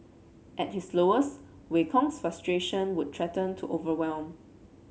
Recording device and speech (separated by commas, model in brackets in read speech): mobile phone (Samsung C7), read sentence